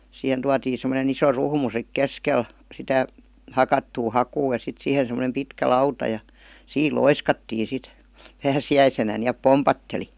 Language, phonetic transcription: Finnish, 'sihen tuatiin̬ sem̆mone'n ‿iso "ruhmu sik "keskel , 'sitä , "hakattuu "hakuu ja sit 'sihen̬ sem̆m°nem "pitkä "lauta ja , "siil "loiskattii sit , 'pääsi₍äisenä ni₍äp "pompatteli .
- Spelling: siihen tuotiin semmoinen iso ruhmu sitten keskelle sitä hakattua hakua ja sitten siihen semmoinen pitkä lauta ja siinä loiskattiin sitten pääsiäisenä niin että pompahteli

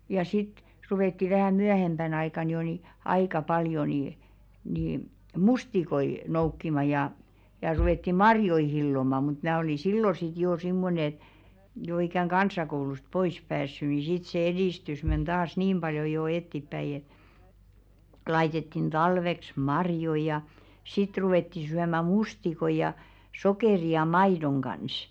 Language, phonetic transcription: Finnish, ja sit , ruvètti vähä̀ 'myähemʙän aikàn jo ni , 'aikà 'paljo ni , ni "mustikoi , 'noukkima jà , ja ruvetti "marjoi 'hilloma mut 'mää oli "sillo sit joo 'simmonᵉ ‿et , jo ikäŋ "kans̀akoulust 'pois päässy ni sit se 'edìstys men ᴅaas "niim ʙaljo jo 'ettippäi , 'laitettin "ᴅalveks "marjoⁱ ja , 'sit ruwètti syämä "mustikoi ja , 'sokèri ja "maidoŋ ɢans .
- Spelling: ja sitten ruvettiin vähän myöhempänä aikana jo niin aika paljon niin niin mustikoita noukkimaan ja ja ruvettiin marjoja hilloamaan mutta minä oli silloin sitten jo semmoinen että jo ikään kansakoulusta pois päässyt niin sitten se edistys meni taas niin paljon jo eteenpäin laitettiin talveksi marjoja ja sitten ruvettiin syömään mustikoita ja sokerin ja maidon kanssa

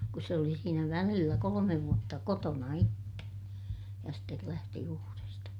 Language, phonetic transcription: Finnish, kus se oli siinä välillä kolomev vuotta kotona itte , ja stel lähti uuresta .
- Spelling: kun se oli siinä välillä kolme vuotta kotona itse ja sitten lähti uudesta

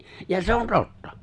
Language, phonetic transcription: Finnish, ja 'se on "tottᴀ !
- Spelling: ja se on totta

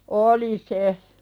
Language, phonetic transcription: Finnish, oli se .
- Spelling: oli se

